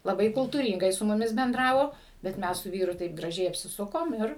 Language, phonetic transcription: Lithuanian, laˈbai kultūryngai su muˈmis benˈdravo bet ˈmes su ˈvyru taip graˈžiai apsiˈsukom ˈir

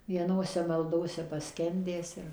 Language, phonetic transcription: Lithuanian, vieˈnose malˈdose paˈskendęs ir

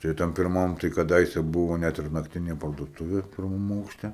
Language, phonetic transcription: Lithuanian, tai ˈtam pirˈmam tai kaˈdaise ˈbuvo net ir nakˈtinė parduoˈtuvė pirˈmam aukšˈte

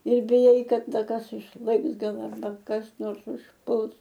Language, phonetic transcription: Lithuanian, ir biˈjai ˈkad ˈda ˈkas išˈlɘks ˈgal arˈba kas ˈnors užˈpuls

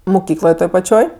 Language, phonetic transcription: Lithuanian, muˈkykloj ˈtoj paˈčioj

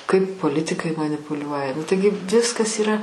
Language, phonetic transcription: Lithuanian, kaip poˈlitikai manipuˈliuoja nu ˈtaigi ˈviskas yˈra

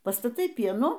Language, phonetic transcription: Lithuanian, pastaˈtai ˈpienų

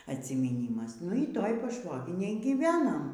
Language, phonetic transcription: Lithuanian, atsimyˈnymas nu y ˈtoj paˈšvoginėj gyˈvenam

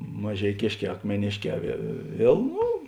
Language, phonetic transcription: Lithuanian, mažeiˈkėšˌkē akmeˈnėšˌkē vie ˈviel ˈnu

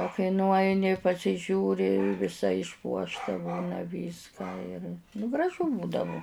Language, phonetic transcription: Lithuanian, o kai nuˈaini pasiˈžiūri viˈsa išˈpuošta ˈbūna ˈvyską ir nu graˈžu ˈbūdavu

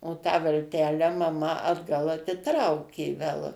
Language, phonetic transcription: Lithuanian, o tą valˈtelę maˈma atˈgal atiˈtraukė vel

